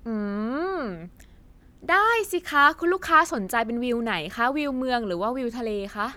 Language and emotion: Thai, happy